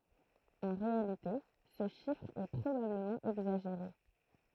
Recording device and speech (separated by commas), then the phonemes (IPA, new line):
throat microphone, read sentence
ɑ̃ ʁealite sə ʃifʁ ɛ pʁobabləmɑ̃ ɛɡzaʒeʁe